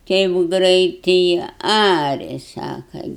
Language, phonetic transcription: Lithuanian, ˈteip ˈgreitɨi ˈaria ˈsaka

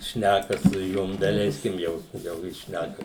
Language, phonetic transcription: Lithuanian, ˈšnæka su ˈjum daˈleiskim ˈjau jau ˈjis ˈšnæka

